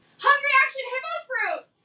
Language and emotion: English, happy